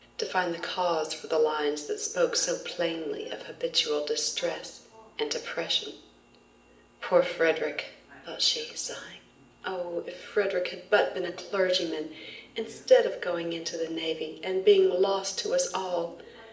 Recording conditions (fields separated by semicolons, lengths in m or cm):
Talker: one person; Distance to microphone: 1.8 m; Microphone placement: close; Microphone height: 1.0 m; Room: large; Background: television